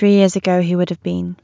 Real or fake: real